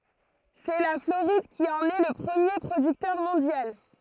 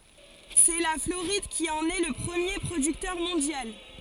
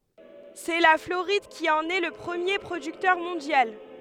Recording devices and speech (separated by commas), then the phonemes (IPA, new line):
throat microphone, forehead accelerometer, headset microphone, read sentence
sɛ la floʁid ki ɑ̃n ɛ lə pʁəmje pʁodyktœʁ mɔ̃djal